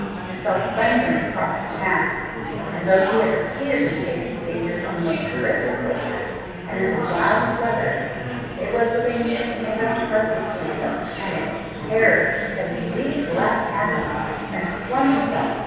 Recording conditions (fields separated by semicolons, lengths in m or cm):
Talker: one person; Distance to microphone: 7.1 m; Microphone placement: far; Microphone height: 1.7 m; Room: very reverberant, large; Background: babble